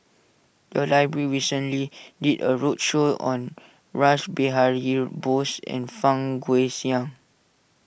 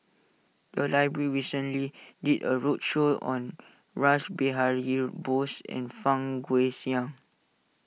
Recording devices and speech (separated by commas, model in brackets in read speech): boundary microphone (BM630), mobile phone (iPhone 6), read sentence